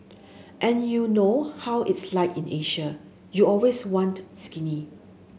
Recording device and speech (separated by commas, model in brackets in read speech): mobile phone (Samsung S8), read sentence